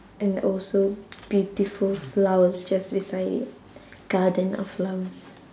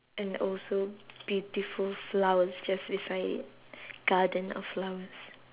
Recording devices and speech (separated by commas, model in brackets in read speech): standing microphone, telephone, conversation in separate rooms